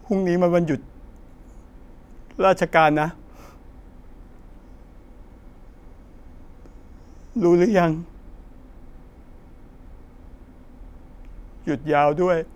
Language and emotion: Thai, sad